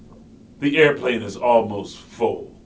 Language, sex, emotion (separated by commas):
English, male, disgusted